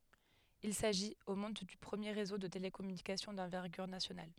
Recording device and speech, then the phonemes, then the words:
headset microphone, read sentence
il saʒit o mɔ̃d dy pʁəmje ʁezo də telekɔmynikasjɔ̃ dɑ̃vɛʁɡyʁ nasjonal
Il s'agit, au monde, du premier réseau de télécommunications d'envergure nationale.

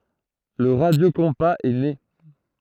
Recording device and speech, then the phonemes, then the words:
throat microphone, read sentence
lə ʁadjokɔ̃paz ɛ ne
Le radiocompas est né.

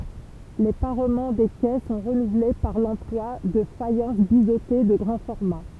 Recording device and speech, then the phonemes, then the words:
temple vibration pickup, read sentence
le paʁmɑ̃ de kɛ sɔ̃ ʁənuvle paʁ lɑ̃plwa də fajɑ̃s bizote də ɡʁɑ̃ fɔʁma
Les parements des quais sont renouvelés par l’emploi de faïences biseautées de grand format.

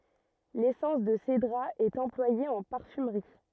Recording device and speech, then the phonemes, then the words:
rigid in-ear microphone, read sentence
lesɑ̃s də sedʁa ɛt ɑ̃plwaje ɑ̃ paʁfymʁi
L'essence de cédrat est employée en parfumerie.

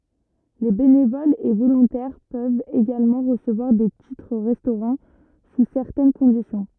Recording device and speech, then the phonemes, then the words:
rigid in-ear microphone, read sentence
le benevolz e volɔ̃tɛʁ pøvt eɡalmɑ̃ ʁəsəvwaʁ de titʁ ʁɛstoʁɑ̃ su sɛʁtɛn kɔ̃disjɔ̃
Les bénévoles et volontaires peuvent également recevoir des titres-restaurant sous certaines conditions.

